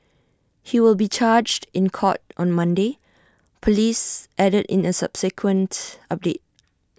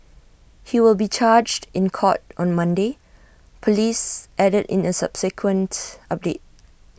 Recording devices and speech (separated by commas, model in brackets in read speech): standing microphone (AKG C214), boundary microphone (BM630), read sentence